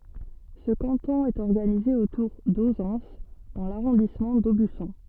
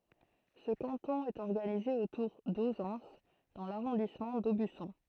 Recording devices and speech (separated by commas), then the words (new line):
soft in-ear microphone, throat microphone, read sentence
Ce canton est organisé autour d'Auzances dans l'arrondissement d'Aubusson.